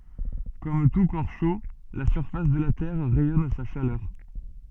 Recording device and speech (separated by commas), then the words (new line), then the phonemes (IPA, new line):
soft in-ear microphone, read sentence
Comme tout corps chaud, la surface de la Terre rayonne sa chaleur.
kɔm tu kɔʁ ʃo la syʁfas də la tɛʁ ʁɛjɔn sa ʃalœʁ